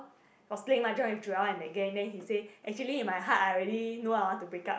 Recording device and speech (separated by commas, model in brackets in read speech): boundary microphone, conversation in the same room